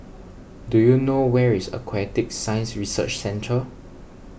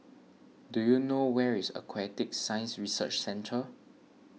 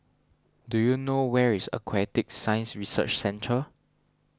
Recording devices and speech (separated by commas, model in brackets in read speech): boundary microphone (BM630), mobile phone (iPhone 6), standing microphone (AKG C214), read sentence